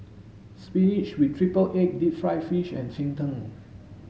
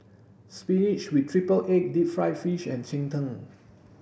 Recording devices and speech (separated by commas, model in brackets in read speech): mobile phone (Samsung S8), boundary microphone (BM630), read sentence